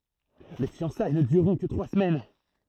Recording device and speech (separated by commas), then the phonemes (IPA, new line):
throat microphone, read sentence
le fjɑ̃saj nə dyʁʁɔ̃ kə tʁwa səmɛn